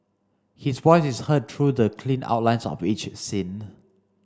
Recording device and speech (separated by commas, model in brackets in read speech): standing microphone (AKG C214), read sentence